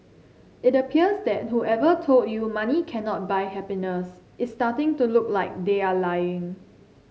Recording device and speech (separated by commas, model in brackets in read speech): mobile phone (Samsung C7), read sentence